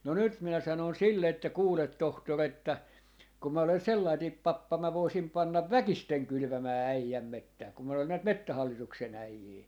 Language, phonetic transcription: Finnish, no 'nyt minä 'sanòn 'sille että » 'kuulet 'tohtor ‿että , kum 'mä olen̬ "sellaitiip "pappa 'mä "voisim 'pannav "väkisteŋ 'kylʸvämää 'äijäm "mettää kum mä olen näit "mettähallituk-se'n ‿äijii .
- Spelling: no nyt minä sanoin sille että kuule tohtori että kun minä olen sellainen pappa minä voisin panna väkisin kylvämään äijän metsää kun minä olen näitä metsähallituksen äijiä

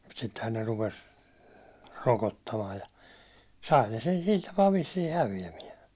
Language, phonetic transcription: Finnish, mut sittehän ne 'rupes , 'rokottamaaj ja , 'sai ne sen 'sil tapaa vissii "hävi₍ämiɛ .
- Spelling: mutta sittenhän ne rupesi rokottamaan ja sai ne sen sillä tapaa vissiin häviämään

